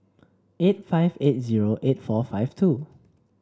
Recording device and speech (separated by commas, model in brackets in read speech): standing microphone (AKG C214), read sentence